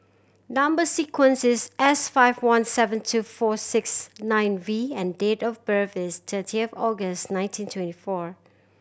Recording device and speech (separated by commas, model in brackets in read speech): boundary microphone (BM630), read sentence